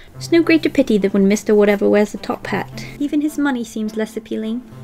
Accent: Bristis Accent